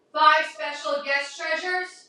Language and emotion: English, neutral